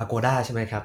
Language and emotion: Thai, neutral